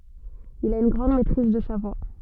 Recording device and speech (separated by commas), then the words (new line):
soft in-ear microphone, read sentence
Il a une grande maîtrise de sa voix.